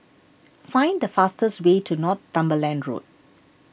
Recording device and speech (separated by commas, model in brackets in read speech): boundary microphone (BM630), read sentence